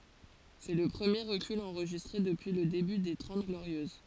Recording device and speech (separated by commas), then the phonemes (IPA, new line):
forehead accelerometer, read sentence
sɛ lə pʁəmje ʁəkyl ɑ̃ʁʒistʁe dəpyi lə deby de tʁɑ̃t ɡloʁjøz